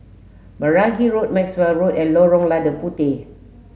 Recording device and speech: mobile phone (Samsung S8), read sentence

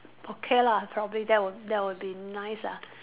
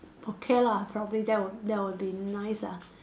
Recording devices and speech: telephone, standing microphone, conversation in separate rooms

